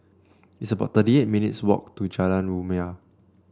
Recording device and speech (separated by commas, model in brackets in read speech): standing microphone (AKG C214), read sentence